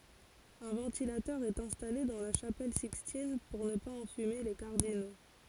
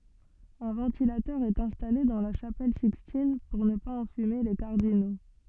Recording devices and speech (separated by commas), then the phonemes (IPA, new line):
forehead accelerometer, soft in-ear microphone, read sentence
œ̃ vɑ̃tilatœʁ ɛt ɛ̃stale dɑ̃ la ʃapɛl sikstin puʁ nə paz ɑ̃fyme le kaʁdino